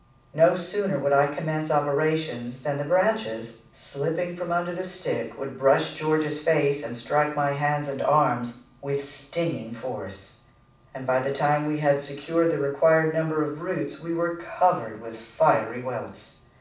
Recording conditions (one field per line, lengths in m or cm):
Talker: one person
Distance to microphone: 5.8 m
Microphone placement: far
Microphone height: 1.8 m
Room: medium-sized (5.7 m by 4.0 m)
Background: none